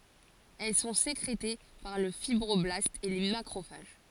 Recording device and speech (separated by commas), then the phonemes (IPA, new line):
forehead accelerometer, read sentence
ɛl sɔ̃ sekʁete paʁ lə fibʁɔblastz e le makʁofaʒ